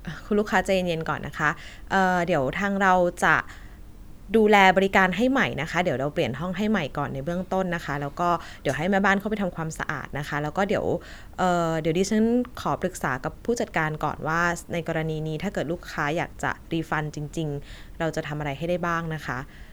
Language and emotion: Thai, neutral